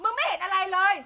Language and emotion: Thai, angry